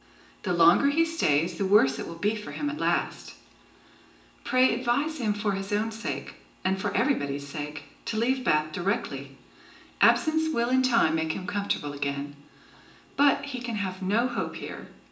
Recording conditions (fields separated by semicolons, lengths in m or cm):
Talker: one person; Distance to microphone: 1.8 m; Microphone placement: close; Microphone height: 1.0 m; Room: large; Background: none